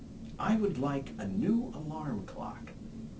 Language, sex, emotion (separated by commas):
English, male, neutral